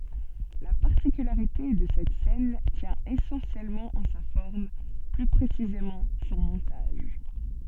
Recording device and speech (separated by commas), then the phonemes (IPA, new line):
soft in-ear microphone, read sentence
la paʁtikylaʁite də sɛt sɛn tjɛ̃ esɑ̃sjɛlmɑ̃ ɑ̃ sa fɔʁm ply pʁesizemɑ̃ sɔ̃ mɔ̃taʒ